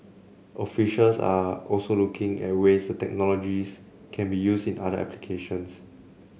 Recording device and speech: mobile phone (Samsung C7), read sentence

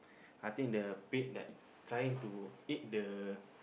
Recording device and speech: boundary microphone, conversation in the same room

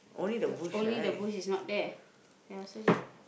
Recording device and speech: boundary microphone, conversation in the same room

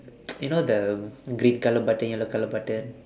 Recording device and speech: standing microphone, conversation in separate rooms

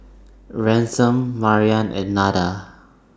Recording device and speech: standing microphone (AKG C214), read sentence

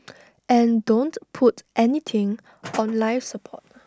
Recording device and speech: standing microphone (AKG C214), read sentence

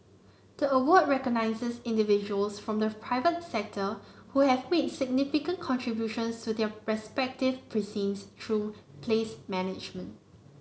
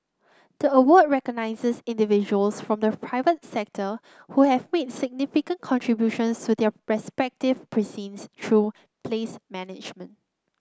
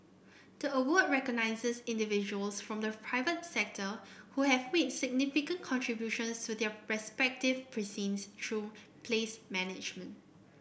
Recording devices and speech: mobile phone (Samsung C9), close-talking microphone (WH30), boundary microphone (BM630), read sentence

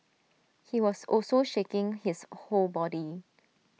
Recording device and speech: mobile phone (iPhone 6), read sentence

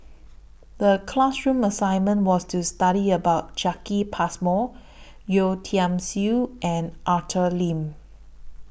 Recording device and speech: boundary microphone (BM630), read sentence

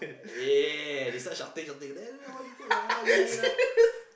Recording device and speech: boundary microphone, conversation in the same room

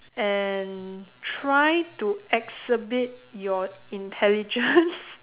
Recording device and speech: telephone, conversation in separate rooms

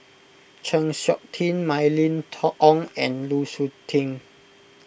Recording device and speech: boundary microphone (BM630), read sentence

